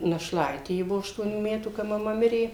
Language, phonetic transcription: Lithuanian, našˈlaitė ˈji ˈbuvo aštuoˈnių ˈmetų ka maˈma ˈmirė

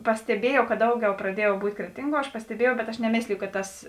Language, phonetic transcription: Lithuanian, pasteˈbiejau kad ˈdauˌgiau praˈdiejau ˈbūt' ˈkretinˌguo aš pasteˈbiejau bet aš neˈmėsliju kad ˈtas

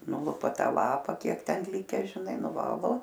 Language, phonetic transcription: Lithuanian, ˈnulupa ˈtą ˈlapa ˈkiek ˈten ˈlike žiˈnai nuˈvalo

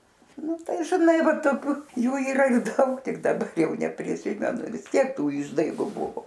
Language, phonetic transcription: Lithuanian, ˈnu ˈtai žiˈnai ˈvat toˈkių ˈjų yˈra ˈdaug ˈtik daˈbar ˈjau nepriˈsimenu visˈtiek ˈtų ˈišdaigu ˈbuvo

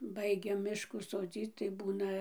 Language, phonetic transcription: Lithuanian, ˈbaigia ˈmiškų soˈdzyc tai ˈbūna

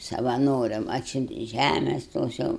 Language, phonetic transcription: Lithuanian, savaˈnoriam ˈatsiuntė ˈžæmes ˈtos jau

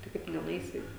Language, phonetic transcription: Lithuanian, tai ˈkaip tu nenuˈeisi

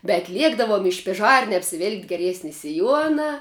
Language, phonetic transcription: Lithuanian, bet ˈliekdavom i špiˈžarne apsiˈvilki geˈriesni siˈjuona

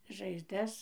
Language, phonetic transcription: Lithuanian, žaizˈdas

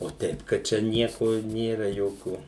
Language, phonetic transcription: Lithuanian, o ˈteip kad ˈčia ˈnieko ˈnėra ˈjokių

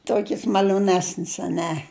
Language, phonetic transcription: Lithuanian, ˈtokis mal'oˈnesnis aˈne

